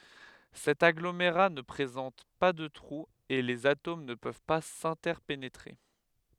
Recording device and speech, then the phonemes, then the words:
headset microphone, read sentence
sɛt aɡlomeʁa nə pʁezɑ̃t pa də tʁuz e lez atom nə pøv pa sɛ̃tɛʁpenetʁe
Cet agglomérat ne présente pas de trous et les atomes ne peuvent pas s’interpénétrer.

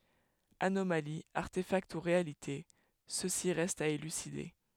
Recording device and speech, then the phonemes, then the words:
headset microphone, read sentence
anomali aʁtefakt u ʁealite səsi ʁɛst a elyside
Anomalie, artéfact ou réalité, ceci reste à élucider.

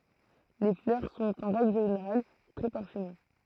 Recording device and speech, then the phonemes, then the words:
throat microphone, read sentence
le flœʁ sɔ̃t ɑ̃ ʁɛɡl ʒeneʁal tʁɛ paʁfyme
Les fleurs sont en règle générale très parfumées.

